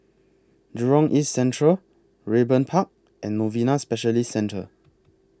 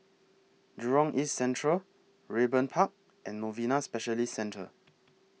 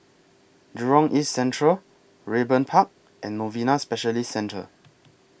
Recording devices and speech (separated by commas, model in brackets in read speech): close-talking microphone (WH20), mobile phone (iPhone 6), boundary microphone (BM630), read sentence